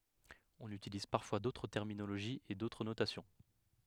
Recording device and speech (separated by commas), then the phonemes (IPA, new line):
headset microphone, read sentence
ɔ̃n ytiliz paʁfwa dotʁ tɛʁminoloʒiz e dotʁ notasjɔ̃